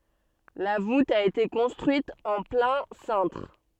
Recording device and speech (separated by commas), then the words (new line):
soft in-ear microphone, read sentence
La voûte a été construite en plein cintre.